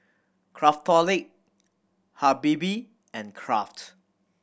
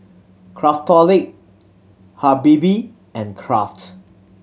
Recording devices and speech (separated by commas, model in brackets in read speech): boundary microphone (BM630), mobile phone (Samsung C7100), read sentence